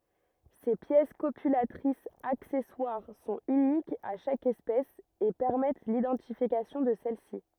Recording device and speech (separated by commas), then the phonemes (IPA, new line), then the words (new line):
rigid in-ear microphone, read sentence
se pjɛs kopylatʁisz aksɛswaʁ sɔ̃t ynikz a ʃak ɛspɛs e pɛʁmɛt lidɑ̃tifikasjɔ̃ də sɛlsi
Ces pièces copulatrices accessoires sont uniques à chaque espèce et permettent l'identification de celle-ci.